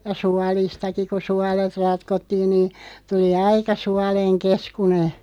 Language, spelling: Finnish, ja suolistakin kun suolet ratkottiin niin tuli aika suolen keskuinen
- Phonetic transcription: ja 'sualistaki ko 'sualet 'ratkottiin nii , 'tuli "aika "sualeŋ 'keskune .

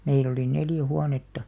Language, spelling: Finnish, meillä oli neljä huonetta
- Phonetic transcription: 'meil ‿oli 'neljä "huanetta .

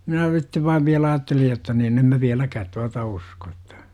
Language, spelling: Finnish, minä sitten vain vielä ajattelin jotta niin en minä vieläkään tuota usko että
- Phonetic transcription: 'minä sittev vaiv viälä 'aattelij jotta nin "em » mä 'viäläkäät tuata "usko ettÄ « ,.

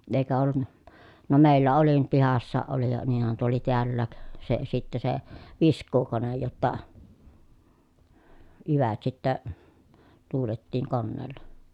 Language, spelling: Finnish, eikä ollut no meillä oli nyt pihassakin oli ja niinhän tuo oli täälläkin se sitten se viskuukone jotta jyvät sitten tuuletettiin koneella
- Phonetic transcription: èi̮kä ollun(na) , no mèillä oli nyt pihassaaʼ ʼoli ja niinhän tuo oli tiällääk , se sittä se , visk̀uukonej jotta , jyvät sittä , tuulettiiŋ konneella .

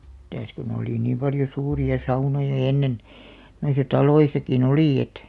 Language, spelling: Finnish, mitäs kun oli niin paljon suuria saunoja ennen noissa taloissakin oli että
- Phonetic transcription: mitäs kun ‿olì 'niim paljo 'suuri₍a 'saunoja 'ennen , noisa "taloisaki"n ‿olì§ et .

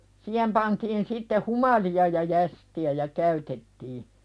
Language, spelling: Finnish, siihen pantiin sitten humalia ja jästiä ja käytettiin
- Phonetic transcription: 'siihem pantiin sitte "humali₍a ja 'jästi₍ä ja "käytettii .

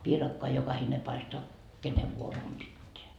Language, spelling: Finnish, piirakkaa jokainen paistaa kenen vuoro on pitää
- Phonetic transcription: piirakkoa 'jokahine paistoa , "kenev vuoro om 'pitteä .

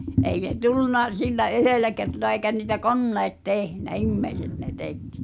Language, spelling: Finnish, ei se tullut sillä yhdellä kertaa eikä niitä koneet tehnyt ihmiset ne teki
- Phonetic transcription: 'ei se "tulluna 'sillä "’yhèlä kertoa eikä ni̳tä "konneet 'tehnä , "immeiset ne "tek .

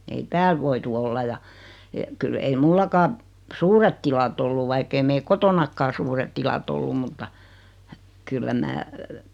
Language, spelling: Finnish, ei täällä voitu olla ja - kyllä ei minullakaan suuret tilat ollut vaikka ei meillä kotonakaan suuret tilat ollut mutta kyllä minä
- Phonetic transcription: ei 'tääl voitu olla ja , e- , kyl ei 'mullakaa , 'suuret tilat ‿ollu 'vaikk ‿ei 'meil "kotonakkaa 'suuret tila't ‿ollum mutta , 'kyllä 'mää ,.

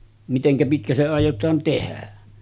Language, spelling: Finnish, miten pitkä se aiotaan tehdä
- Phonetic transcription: miteŋkä pitkä se àij̆jotaan 'tehä .

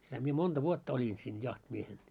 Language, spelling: Finnish, sitä minä monta vuotta olin siinä jahtimiehenä
- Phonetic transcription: sitä mie 'monᴅa "vuotta oĺin siin 'jahtimiehen .

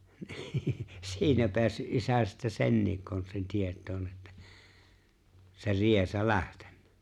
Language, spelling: Finnish, niin siinä päässyt isä sitten senkin konstin tietoon että se riesa lähtenyt
- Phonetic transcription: ɴɪɪ "siinä 'peässy’ '’isä sittä "senniik 'konstin 'tiet̀oon että , se 'riesa "lähteɴɴᴀ̈ .

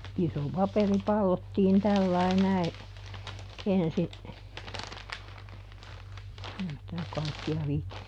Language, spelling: Finnish, se iso paperi pallottiin tällä lailla näin ensi ei sitä kaikkea viitsi
- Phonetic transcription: se , ˈiso ˈpaperi "pallottiin ˈtällai ˈnäi , ˈensi , ei sitä ˈkaikki₍a (viitti) ,.

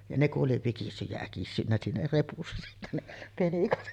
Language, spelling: Finnish, ja ne kun oli vikissyt ja äkissyt siinä repussa sitten ne penikat
- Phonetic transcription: ja 'ne ku’ ’oli 'vikissyj jä 'äkissynnä siinä repussᴀ sittä ne , 'penikat .

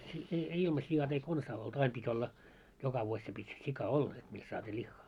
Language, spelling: Finnish, ei ei ilma siat ei konsa oltu aina piti olla joka vuosi se piti sika olla että mistä saatiin lihaa
- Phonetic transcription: ei , ei 'ilma 'si₍at ‿ei "konsaa oltu 'aim pit́ ‿olla , joka vuoś se pit́ 'sika "olla et mist saat́ii 'ĺiχχaa .

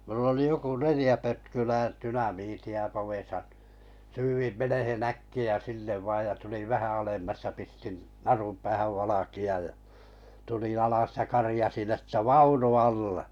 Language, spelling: Finnish, no minulla oli joku neljä pötkylää dynamiittia povessa syydin menemään äkkiä sinne vain ja tulin vähän alemmas ja pistin narun päähän valkean ja tulin alas ja karjaisin että vaunu alle
- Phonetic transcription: (no) mull ‿oli 'joku "nelⁱja 'pötkylää 'tynamiiti₍a povèsa , 'syyvim 'menehen "äkki₍ä 'sinnev vàj ja tuliᵛ 'vähä alemmas ja pistin , "narum päähäv 'valaki₍aj jᴀ , tuliⁱ̰ 'alas ja "karĭjasin että͕ » "vaunu "alle « .

